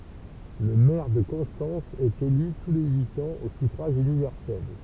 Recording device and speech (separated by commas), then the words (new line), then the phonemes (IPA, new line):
temple vibration pickup, read sentence
Le maire de Constance est élu tous les huit ans au suffrage universel.
lə mɛʁ də kɔ̃stɑ̃s ɛt ely tu le yit ɑ̃z o syfʁaʒ ynivɛʁsɛl